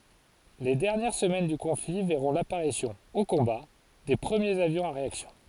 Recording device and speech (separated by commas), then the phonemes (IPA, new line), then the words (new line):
forehead accelerometer, read sentence
le dɛʁnjɛʁ səmɛn dy kɔ̃fli vɛʁɔ̃ lapaʁisjɔ̃ o kɔ̃ba de pʁəmjez avjɔ̃z a ʁeaksjɔ̃
Les dernières semaines du conflit verront l'apparition, au combat, des premiers avions à réaction.